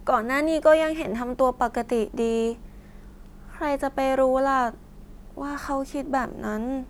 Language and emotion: Thai, sad